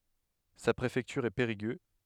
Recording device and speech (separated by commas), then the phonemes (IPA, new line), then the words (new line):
headset microphone, read sentence
sa pʁefɛktyʁ ɛ peʁiɡø
Sa préfecture est Périgueux.